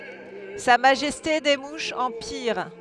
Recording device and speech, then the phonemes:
headset microphone, read sentence
sa maʒɛste de muʃz ɑ̃ piʁ

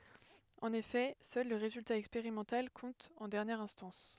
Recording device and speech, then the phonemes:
headset microphone, read sentence
ɑ̃n efɛ sœl lə ʁezylta ɛkspeʁimɑ̃tal kɔ̃t ɑ̃ dɛʁnjɛʁ ɛ̃stɑ̃s

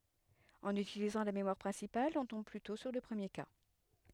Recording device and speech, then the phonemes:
headset microphone, read sentence
ɑ̃n ytilizɑ̃ la memwaʁ pʁɛ̃sipal ɔ̃ tɔ̃b plytɔ̃ syʁ lə pʁəmje ka

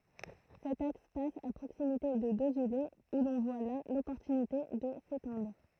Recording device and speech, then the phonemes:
throat microphone, read sentence
sɛt aks pas a pʁoksimite də dozyle u lɔ̃ vwa la lɔpɔʁtynite də setɑ̃dʁ

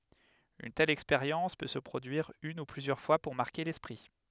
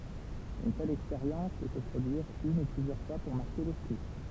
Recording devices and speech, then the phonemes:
headset microphone, temple vibration pickup, read sentence
yn tɛl ɛkspeʁjɑ̃s pø sə pʁodyiʁ yn u plyzjœʁ fwa puʁ maʁke lɛspʁi

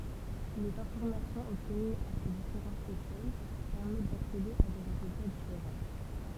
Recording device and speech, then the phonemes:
temple vibration pickup, read sentence
lez ɛ̃fɔʁmasjɔ̃z ɔbtənyz a se difeʁɑ̃tz eʃɛl pɛʁmɛt daksede a de ʁezylta difeʁɑ̃

